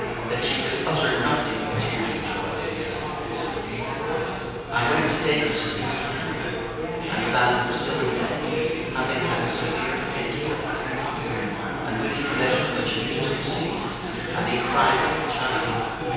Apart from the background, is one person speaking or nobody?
One person.